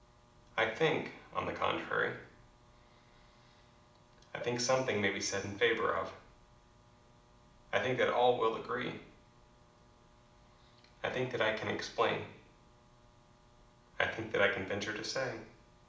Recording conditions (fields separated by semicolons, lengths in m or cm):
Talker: one person; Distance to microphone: 2.0 m; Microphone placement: close; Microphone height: 99 cm; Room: medium-sized (5.7 m by 4.0 m); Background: none